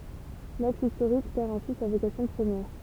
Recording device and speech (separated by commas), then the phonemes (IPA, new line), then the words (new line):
temple vibration pickup, read sentence
laks istoʁik pɛʁ ɛ̃si sa vokasjɔ̃ pʁəmjɛʁ
L'axe historique perd ainsi sa vocation première.